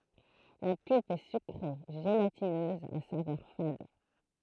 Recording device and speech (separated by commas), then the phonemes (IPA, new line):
throat microphone, read sentence
la pylp ɛ sykʁe ʒelatinøz a savœʁ fad